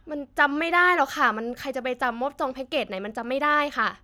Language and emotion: Thai, frustrated